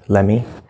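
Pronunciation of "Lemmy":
'Let me' is said in a very fast, quick, unclear way, not enunciated.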